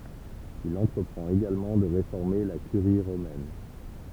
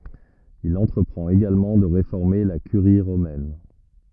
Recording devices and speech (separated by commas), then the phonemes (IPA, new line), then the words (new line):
temple vibration pickup, rigid in-ear microphone, read sentence
il ɑ̃tʁəpʁɑ̃t eɡalmɑ̃ də ʁefɔʁme la kyʁi ʁomɛn
Il entreprend également de réformer la Curie romaine.